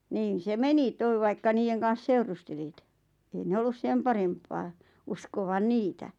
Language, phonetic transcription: Finnish, 'niin̬ se "meni 'toi̬ vaikka 'niijeŋ kan̬s "seurustelìt , ei 'ne "ollus 'sem paremppaa , 'uskovan̆ "niitä .
- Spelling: niin se meni tuo vaikka niiden kanssa seurustelit ei ne ollut sen parempaa uskovan niitä

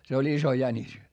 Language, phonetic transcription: Finnish, se oĺ iso jäńis .
- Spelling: se oli iso jänis

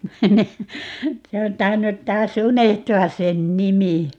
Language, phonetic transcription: Finnish, 'se on 'tainnut 'taa"s ‿unehtu₍as̆ 'sen "nimi .
- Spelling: se on tainnut taas unohtua sen nimi

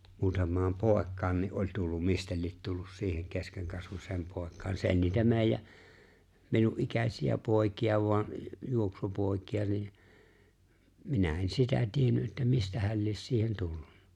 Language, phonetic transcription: Finnish, 'muutam̀aam "pòek̆kaan ni’ ’oĺ 'tullum 'mistä liet 'tullus 'siiheŋ 'keskeŋkasvus̀eem 'pòek̆kaan , 'se ‿o͕ĺ niitä 'meeⁱjä , 'minu’ ’ikäśi₍ä 'pòekija voan , 'juoksupòekija ni , 'minä en 'sitä 'tienny ’että 'mistähäl lies 'siihen "tulluɴɴᴀ .
- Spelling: muutamaan poikaan niin oli tullut mistä lie tullut siihen keskenkasvuiseen poikaan se oli niitä meidän minun ikäisiä poikia vain juoksupoikia niin minä en sitä tiennyt että mistähän lie siihen tullut

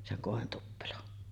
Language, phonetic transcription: Finnish, seŋ 'kòentuppelon .
- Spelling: sen kointuppelon

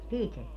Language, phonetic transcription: Finnish, "piteä .
- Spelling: pitää

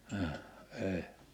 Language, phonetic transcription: Finnish, ah , 'èi .
- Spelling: ah ei

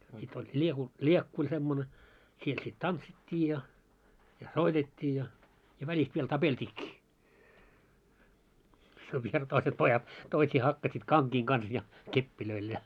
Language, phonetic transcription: Finnish, sit oĺ ĺieku- , 'ĺiekku oĺ semmone 'siel sit "tantsit́t́ii ja , ja "soitet́t́ii ja , ja 'väĺist viel "tapelt́iikkii , se viel 'toiset 'pojat , 'toisii hakkasit 'kaŋkiiŋ kans ja , "keppilöil ja ,. .
- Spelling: sitten oli - liekku oli semmoinen siellä sitten tanssittiin ja ja soitettiin ja ja välistä vielä tapeltiinkin se vielä toiset pojat toisia hakkasivat kankien kanssa ja kepeillä ja

